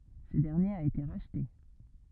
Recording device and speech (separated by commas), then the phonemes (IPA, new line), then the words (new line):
rigid in-ear microphone, read sentence
sə dɛʁnjeʁ a ete ʁaʃte
Ce dernier a été racheté.